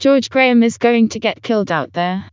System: TTS, vocoder